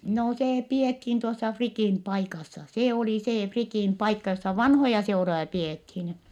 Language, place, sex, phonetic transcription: Finnish, Vittanki, female, no see piethiin tuossa Frikìn paikassa , se oli see Frikìn paikka jossa vanhoja seuroja piethin .
- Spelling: no se pidettiin tuossa Frikin paikassa se oli se Frikin paikka jossa vanhoja seuroja pidettiin

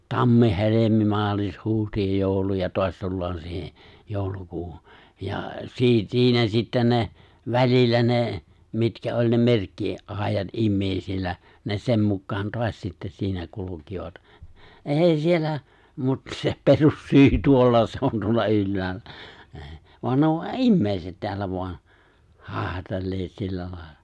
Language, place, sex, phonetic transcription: Finnish, Lapinlahti, male, 'tammi- 'helemi- 'maalis- 'huuhti- ja 'jòulu- ja 'toas 'tullaan 'siihᴇ , 'jòulukuuhu , ja 'siit- 'siinä sittäⁿ ne , 'välillä ne , 'mitkä oĺ ne "merkki- , '’àejat '’immèisillä , ne 'sem mukkaan 'toaś sittä siinä 'kulukivat , '’èi siellä , mut se "perussyy 'tuolla se on tuolla 'ylläällä , è , voan ne o "’immèiset 'teällä voan , 'hàehatelleet sillä lài̬lla , ja
- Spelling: tammi helmi maalis huhti ja joulu ja taas tullaan siihen joulukuuhun ja - siinä sitten ne välillä ne mitkä oli ne - merkkiajat ihmisillä ne sen mukaan taas sitten siinä kulkivat ei siellä mutta se perussyy tuolla se on tuolla ylhäällä ei vaan ne on ihmiset täällä vain haihatelleet sillä lailla ja

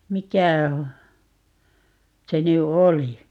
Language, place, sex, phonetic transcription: Finnish, Paavola, female, 'mikä (h)o- , 'se ny "oli ?
- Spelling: mikä - se nyt oli

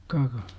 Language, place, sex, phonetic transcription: Finnish, Jurva, male, ka-kA , .
- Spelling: kaka

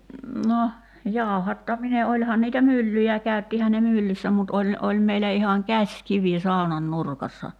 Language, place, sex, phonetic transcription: Finnish, Kerimäki, female, 'no , 'jàu̬hattamine 'oĺhan niitä "myllyjä 'kä̀y̬ttihän̆ ne "myllyssä mut 'oĺ , 'oĺ meilä ihaŋ "käśkivi 'sàonan 'nurkassa .
- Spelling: no jauhattaminen olihan niitä myllyjä käyttihän ne myllyssä mutta oli oli meillä ihan käsikivi saunan nurkassa

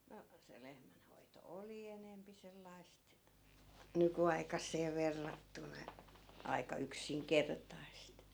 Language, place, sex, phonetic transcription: Finnish, Askola, female, no , se 'lehmän hoito "oli enempi 'sellai̮st , 'nyky₍aikassee "verrattuna , aika 'yksiŋkertaist .
- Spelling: no se lehmän hoito oli enempi sellaista nykyaikaiseen verrattuna aika yksinkertaista

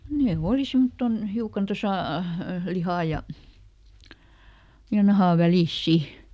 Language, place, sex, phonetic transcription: Finnish, Lieto, female, ˈnee "òli ˈsimmotton , ˈhiukan ˈtosà , ˈlihà ja , ja ˈnahà ˈvälìs "si .
- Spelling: ne oli semmottoon hiukan tuossa lihan ja ja nahan välissä sitten

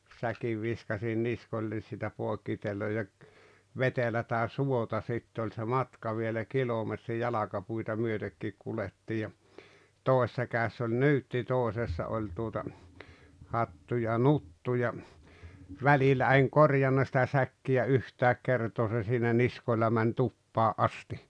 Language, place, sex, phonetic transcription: Finnish, Rautalampi, male, 'säkiv viskasin "niskoĺĺen siitä 'pòekkitelo ja , 'vetelätä "suota 'sittᵉ ‿oĺ se 'matka vielä 'kilometri 'jalakapuita 'myötekkiik kulettii ja , 'tòesᵉssa kä̀ess ‿oĺ "nyytti 'tòesessa oĺ tuota , 'hattu ja "nuttu ja , "välillä eŋ "korjanna sⁱtä 'säkkiʲä 'yhtääk 'kertoo se siinä niskoⁱlla män "tuppaa "’asti .
- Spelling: säkin viskasin niskoilleni siitä poikkiteloin ja vetelää suota sitten oli se matka vielä kilometri jalkapuita myötenkin kuljettiin ja toisessa kädessä oli nyytti toisessa oli tuota hattu ja nuttu ja välillä en korjannut sitä säkkiä yhtään kertaa se siinä niskoilla meni tupaan asti

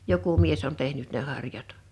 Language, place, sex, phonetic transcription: Finnish, Liperi, female, 'joku 'mies on 'tehnyt ne 'harjat .
- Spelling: joku mies on tehnyt ne harjat

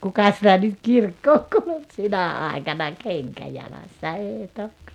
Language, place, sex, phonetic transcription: Finnish, Rautalampi, female, 'kuka sitä nyt "kirkkooŋ kuluk "sinä 'àikana "keŋkä 'jalassa "eeⁱ 'tok .
- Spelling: kuka sitä nyt kirkkoon kulki sinä aikana kenkä jalassa ei toki

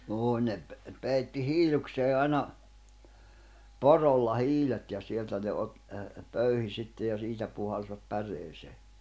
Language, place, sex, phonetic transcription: Finnish, Jämsä, male, 'joo ne ‿p- , 'peitti "hiiluksee 'ai̬na , "porolla "hiilet ja 'sieltä ne ot- , əə ə , 'pöyhi sitte ja 'siitä puhalsvat 'pär̀eesee .
- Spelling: joo ne - peitti hiilukseen aina porolla hiilet ja sieltä ne - - - pöyhi sitten ja siitä puhalsivat päreeseen

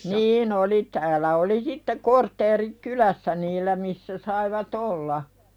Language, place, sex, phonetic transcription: Finnish, Pälkäne, female, niin ‿oli täälä oli sitte 'kortteerik "kylässä niillä missä saiva"t ‿olla .
- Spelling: niin oli täällä oli sitten kortteeri kylässä niillä missä saivat olla

